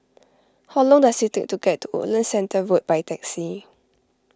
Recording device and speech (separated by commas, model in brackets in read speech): close-talking microphone (WH20), read sentence